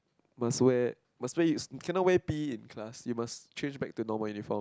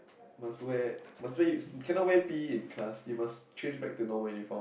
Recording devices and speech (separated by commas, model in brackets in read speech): close-talking microphone, boundary microphone, conversation in the same room